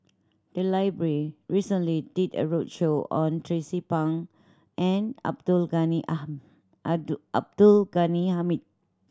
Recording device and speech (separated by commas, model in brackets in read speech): standing microphone (AKG C214), read sentence